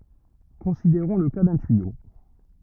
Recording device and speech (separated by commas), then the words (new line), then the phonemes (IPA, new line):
rigid in-ear microphone, read sentence
Considérons le cas d'un tuyau.
kɔ̃sideʁɔ̃ lə ka dœ̃ tyijo